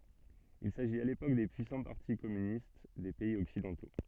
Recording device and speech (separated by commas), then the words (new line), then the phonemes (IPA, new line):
soft in-ear microphone, read sentence
Il s’agit à l’époque des puissants partis communistes des pays occidentaux.
il saʒit a lepok de pyisɑ̃ paʁti kɔmynist de pɛiz ɔksidɑ̃to